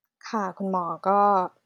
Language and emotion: Thai, neutral